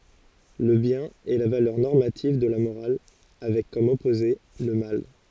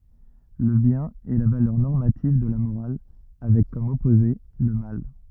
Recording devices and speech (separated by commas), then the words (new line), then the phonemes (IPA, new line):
forehead accelerometer, rigid in-ear microphone, read sentence
Le bien est la valeur normative de la morale, avec comme opposé le mal.
lə bjɛ̃n ɛ la valœʁ nɔʁmativ də la moʁal avɛk kɔm ɔpoze lə mal